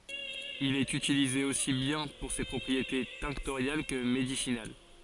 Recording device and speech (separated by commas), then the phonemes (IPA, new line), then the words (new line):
forehead accelerometer, read sentence
il ɛt ytilize osi bjɛ̃ puʁ se pʁɔpʁiete tɛ̃ktoʁjal kə medisinal
Il est utilisé aussi bien pour ses propriétés tinctoriales que médicinales.